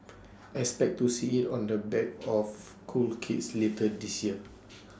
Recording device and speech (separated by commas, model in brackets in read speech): standing microphone (AKG C214), read sentence